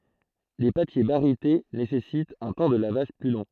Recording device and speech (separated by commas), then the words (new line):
throat microphone, read sentence
Les papiers barytés nécessitent un temps de lavage plus long.